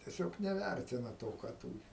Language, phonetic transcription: Lithuanian, tieˈsiog neˈværtina ˈto ką ˈtūri

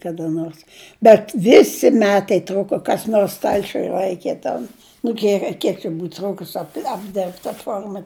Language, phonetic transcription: Lithuanian, kada ˈnors bet ˈvisi ˈmetai ˈtruko kas ˈnors ˈstalčiuj ˈlaikė ten nu ˈdieve ˈkiek čia ˈbūt ˈtrūkus ap apˈdirbt ta ˈforma

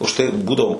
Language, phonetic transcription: Lithuanian, už ˈtai i ˈbūdavo

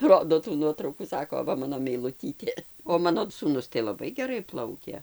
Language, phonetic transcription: Lithuanian, ˈrodo tų ˈnuotraukų ˈsako ˈva ˈmano meiluˈtytė o ˈmano sūˈnus tai laˈbai geˈrai ˈplaukė

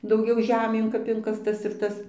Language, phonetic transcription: Lithuanian, dauˈgiau ˈžemėn kap ˈinkastas ir ˈtas

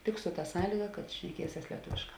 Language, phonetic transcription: Lithuanian, tik su ta ˈsąlyga kad šneˈkieses lieˈtuvėšˌkā

